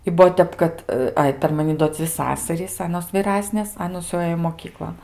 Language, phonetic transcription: Lithuanian, i ˈbuo ˈtep kad ˈai per maˈni do ˈdzvi ˈsasarys ˈanos vyˈrasnės ˈanos jau ˈɘjo moˈkyklon

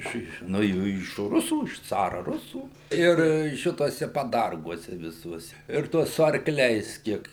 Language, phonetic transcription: Lithuanian, ˈiš ˈiš nuo ˈjų iš ˈrusų iš ˈcara ˈrusų ˈir ˈšituose paˈdarguose viˈsuose ir ˈtuos su arkˈliais ˈkiek

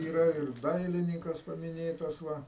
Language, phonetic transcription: Lithuanian, yˈra ir ˈdailinykas pamiˈnėtas ˈva

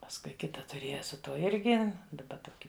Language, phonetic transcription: Lithuanian, pasˈkui ˈkita tuˈrėja su ˈtuo ˈirgi daˈba ˈtoki

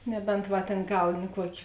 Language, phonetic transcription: Lithuanian, ˈnebent ˈva tėn ˈgauni ˈkuokė

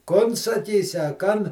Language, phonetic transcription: Lithuanian, ˈkon saˈkysi a ˈkan

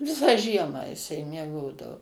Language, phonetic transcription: Lithuanian, ˈvisą ˈžiemą jiˈsai mieˈgodavo

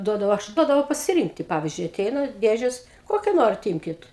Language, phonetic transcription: Lithuanian, ˈduodavau ˈaš ˈduodavau pasiˈrynkti ˈpavizdžiui aˈteina ˈdėžes ˈkokia ˈnorit ˈymkit

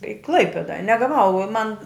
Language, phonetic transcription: Lithuanian, i ˈklaipėda ne gaˈvau o man

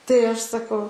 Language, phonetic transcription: Lithuanian, tai ˈaš saˈkau

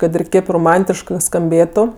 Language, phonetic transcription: Lithuanian, ˈkad ir ˈkėp roˈmantiškɜ skamˈbėtu

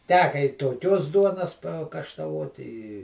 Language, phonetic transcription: Lithuanian, ˈteka i toˈkios ˈduonas pakaštaˈvot i i

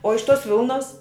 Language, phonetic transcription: Lithuanian, o iš tos ˈvilnos

